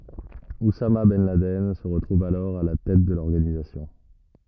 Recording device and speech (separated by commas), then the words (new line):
rigid in-ear microphone, read sentence
Oussama ben Laden se retrouve alors à la tête de l'organisation.